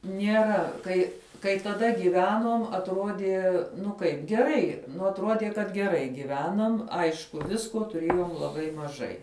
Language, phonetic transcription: Lithuanian, nieˈra ˈkai kai taˈda gyˈvenuom atˈrodie ˈnu ˈkaip geˈrai ˈnu atˈruodie kad geˈrai giˈvenam ˈaišku ˈvisko tuˈrėjom laˈbai maˈžai

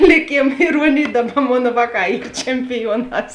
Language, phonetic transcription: Lithuanian, liˈkėm iˈruonėj ˈdaˌba ˈmon ˈvāˌkā ˈyr čempiˈjuoˌnās

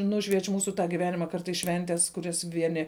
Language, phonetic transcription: Lithuanian, ˈnušvieč' ˈmūsu giˈvenima ˈkartais ˈšventes kuˈrias ˈvieni

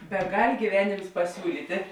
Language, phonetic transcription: Lithuanian, beˈgal' gyˈvenėms paˈsiūlyti

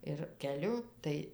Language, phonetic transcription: Lithuanian, ir keˈliu ˈtai

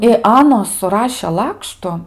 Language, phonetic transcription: Lithuanian, i ˈanos suˈrašė ˈlakštu

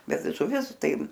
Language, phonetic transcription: Lithuanian, ˈbet žuˈvis ˈtai

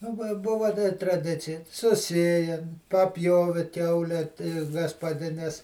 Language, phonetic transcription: Lithuanian, ˈaba ˈbuva da traˈdicija suˈsėjem' paˈpjovi ˈkiaule ti gaspaˈdines

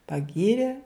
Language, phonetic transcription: Lithuanian, paˈgyrė

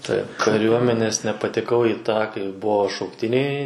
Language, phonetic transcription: Lithuanian, ˈtaip kaˈriuomenes nepateˈkau į ˈtą kai ˈbuvo šaukˈtiniai

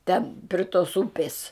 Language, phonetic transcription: Lithuanian, ˈten pri tos ˈupis

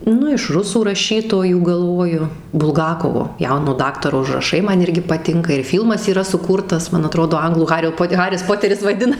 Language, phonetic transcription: Lithuanian, ˈnu iš ˈrusų raˈšytojų galˈvoju bulˈgakovo ˈjauno ˈdaktaro užraˈšai ˈman ˈirgi paˈtinka ir ˈfylmas yˈra suˈkūrtas man aˈtrodo ˈanglų ˈhario ˈpot ˈharis ˈpoteris vaiˈdina

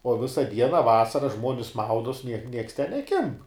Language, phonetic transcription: Lithuanian, o ˈvisa ˈdiena ˈvasara ˈžmuonis ˈmaudos niek nieks ten neˈkimb

